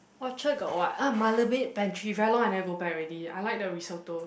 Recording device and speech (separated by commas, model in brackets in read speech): boundary microphone, conversation in the same room